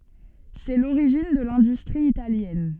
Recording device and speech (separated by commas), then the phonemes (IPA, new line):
soft in-ear microphone, read sentence
sɛ loʁiʒin də lɛ̃dystʁi italjɛn